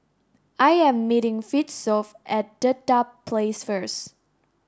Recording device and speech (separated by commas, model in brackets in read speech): standing microphone (AKG C214), read sentence